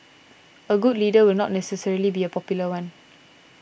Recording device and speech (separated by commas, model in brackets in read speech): boundary microphone (BM630), read sentence